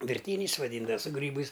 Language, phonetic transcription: Lithuanian, virˈtyniais vaˈdyndav su ˈgrybais

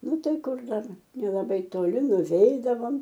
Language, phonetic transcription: Lithuanian, ˈnu ˈtai ˈkur ˈdar nelaˈbai toˈli nuˈveidavom

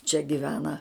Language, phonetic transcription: Lithuanian, čia giˈvena

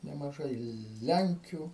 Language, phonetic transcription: Lithuanian, nemaˈžai ˈlenkiu

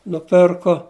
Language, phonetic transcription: Lithuanian, nuˈpirko

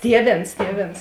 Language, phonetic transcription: Lithuanian, ˈtieˌvėns ˈtieˌvėns

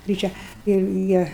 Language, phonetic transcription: Lithuanian, gryˈčia ir ˈjie

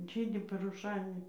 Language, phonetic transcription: Lithuanian, ˈžydi paruˈšainia

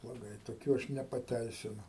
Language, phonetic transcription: Lithuanian, bloˈgai toˈkių ˈaš nepaˈteisinu

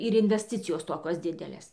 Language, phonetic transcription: Lithuanian, ir invesˈticijos ˈtokios ˈdidelės

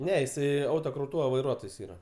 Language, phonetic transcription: Lithuanian, ˈne jiˈsai ˈautoˌkrautūva vaiˈruotojs ˈyra

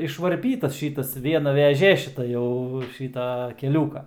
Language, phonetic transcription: Lithuanian, išvarˈpytas ˈšytas ˈviena veˈžė šiˈta jau ˈšyta keˈliūka

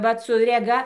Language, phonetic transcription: Lithuanian, ˈvat su reˈga

